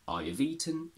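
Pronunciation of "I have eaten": In 'I have eaten', the h of 'have' is dropped.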